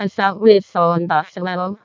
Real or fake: fake